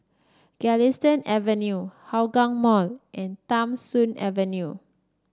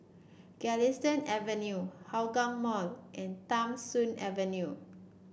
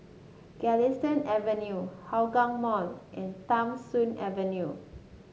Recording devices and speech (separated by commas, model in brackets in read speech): standing microphone (AKG C214), boundary microphone (BM630), mobile phone (Samsung S8), read sentence